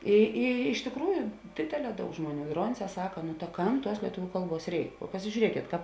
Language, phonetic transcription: Lithuanian, ˈi i iš tikˈrųju ˈdėdėˌlē ˈdaug ˈžmuoˌnių ˈdronˌsē ˈsaka nu ta ˈkam ˈtuos lieˈtuviu ˈkalˌbuos ˈreik pasižiūˈriekėt ˈkāp

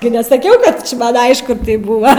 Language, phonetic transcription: Lithuanian, gi nesaˈkiau ˈkad či ˈman' ˈaišku ˈtaip ˈbuva

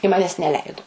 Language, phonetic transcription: Lithuanian, i ˈmanes neˈleidu

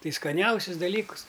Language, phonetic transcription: Lithuanian, ˈtai skaˈniausis daˈlykus

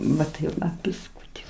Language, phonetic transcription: Lithuanian, ˈva tai ˈva bisˈkūti

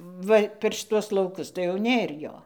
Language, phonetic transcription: Lithuanian, ˈva per šiˈtuos lauˈkus tai jau ˈnėr ˈjo

